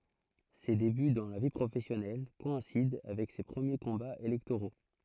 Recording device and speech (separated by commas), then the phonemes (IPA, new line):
throat microphone, read sentence
se deby dɑ̃ la vi pʁofɛsjɔnɛl kɔɛ̃sid avɛk se pʁəmje kɔ̃baz elɛktoʁo